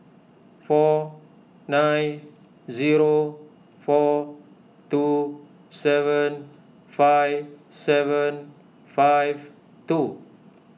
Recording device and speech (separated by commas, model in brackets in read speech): mobile phone (iPhone 6), read sentence